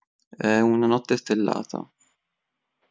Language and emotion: Italian, neutral